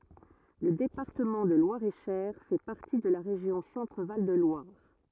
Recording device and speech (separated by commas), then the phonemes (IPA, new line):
rigid in-ear microphone, read sentence
lə depaʁtəmɑ̃ də lwaʁeʃɛʁ fɛ paʁti də la ʁeʒjɔ̃ sɑ̃tʁval də lwaʁ